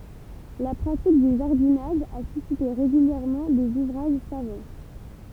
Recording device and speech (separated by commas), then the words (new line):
temple vibration pickup, read sentence
La pratique du jardinage a suscité régulièrement des ouvrages savants.